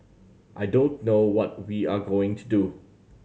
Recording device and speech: mobile phone (Samsung C7100), read sentence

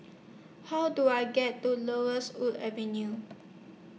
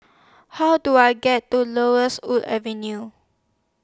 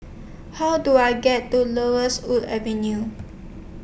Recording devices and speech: mobile phone (iPhone 6), standing microphone (AKG C214), boundary microphone (BM630), read sentence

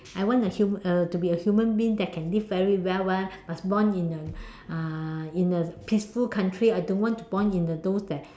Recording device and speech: standing microphone, conversation in separate rooms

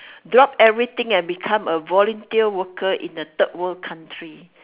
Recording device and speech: telephone, conversation in separate rooms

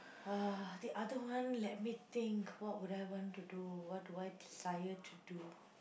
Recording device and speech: boundary microphone, conversation in the same room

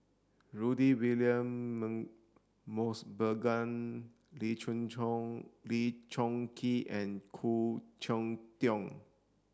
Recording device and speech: standing microphone (AKG C214), read sentence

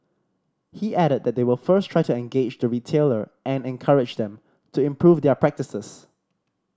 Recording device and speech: standing microphone (AKG C214), read sentence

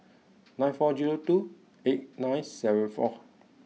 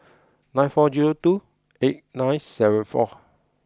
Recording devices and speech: mobile phone (iPhone 6), close-talking microphone (WH20), read sentence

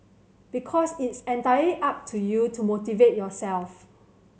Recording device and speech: mobile phone (Samsung C7100), read sentence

